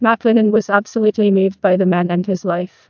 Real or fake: fake